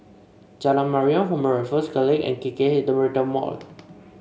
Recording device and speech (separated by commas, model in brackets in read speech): mobile phone (Samsung C5), read sentence